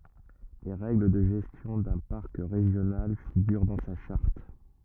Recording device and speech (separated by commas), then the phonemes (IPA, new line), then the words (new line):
rigid in-ear microphone, read sentence
le ʁɛɡl də ʒɛstjɔ̃ dœ̃ paʁk ʁeʒjonal fiɡyʁ dɑ̃ sa ʃaʁt
Les règles de gestion d'un parc régional figurent dans sa charte.